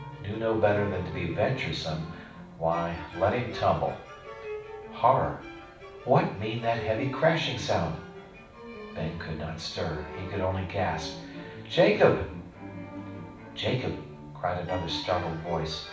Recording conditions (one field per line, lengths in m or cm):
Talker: one person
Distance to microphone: 5.8 m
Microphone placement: far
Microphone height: 1.8 m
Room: medium-sized (5.7 m by 4.0 m)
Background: music